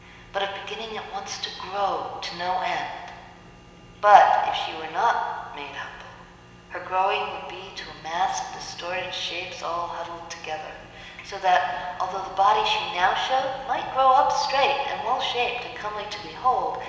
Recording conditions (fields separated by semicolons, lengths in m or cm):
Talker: one person; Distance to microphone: 1.7 m; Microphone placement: close; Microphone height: 1.0 m; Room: very reverberant, large; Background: none